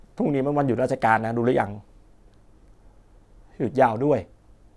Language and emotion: Thai, sad